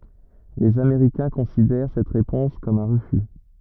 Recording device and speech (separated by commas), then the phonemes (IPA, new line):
rigid in-ear microphone, read sentence
lez ameʁikɛ̃ kɔ̃sidɛʁ sɛt ʁepɔ̃s kɔm œ̃ ʁəfy